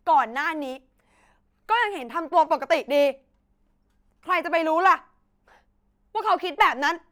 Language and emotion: Thai, angry